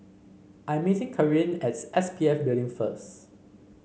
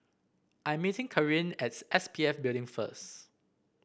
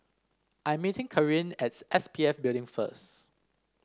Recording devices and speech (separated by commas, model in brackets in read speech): mobile phone (Samsung C5), boundary microphone (BM630), standing microphone (AKG C214), read sentence